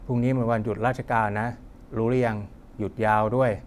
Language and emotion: Thai, neutral